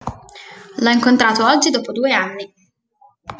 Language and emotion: Italian, happy